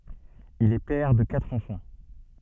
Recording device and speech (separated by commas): soft in-ear microphone, read sentence